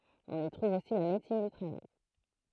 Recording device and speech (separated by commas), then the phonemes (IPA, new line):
throat microphone, read sentence
ɔ̃n i tʁuv osi la medəsin dy tʁavaj